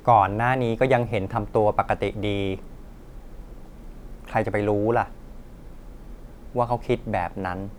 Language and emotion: Thai, neutral